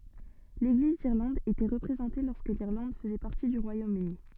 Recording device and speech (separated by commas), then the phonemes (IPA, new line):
soft in-ear microphone, read sentence
leɡliz diʁlɑ̃d etɛ ʁəpʁezɑ̃te lɔʁskə liʁlɑ̃d fəzɛ paʁti dy ʁwajomøni